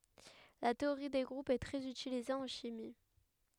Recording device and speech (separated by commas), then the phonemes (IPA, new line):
headset microphone, read sentence
la teoʁi de ɡʁupz ɛ tʁɛz ytilize ɑ̃ ʃimi